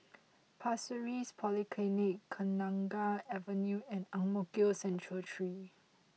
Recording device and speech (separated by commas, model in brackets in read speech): mobile phone (iPhone 6), read sentence